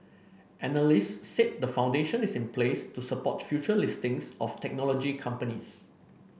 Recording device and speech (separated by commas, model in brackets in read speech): boundary microphone (BM630), read sentence